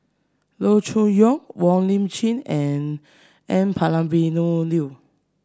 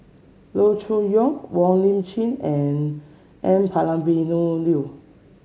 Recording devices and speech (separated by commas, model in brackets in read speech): standing microphone (AKG C214), mobile phone (Samsung C7), read sentence